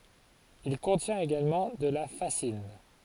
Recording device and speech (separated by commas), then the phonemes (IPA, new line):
forehead accelerometer, read sentence
il kɔ̃tjɛ̃t eɡalmɑ̃ də la fazin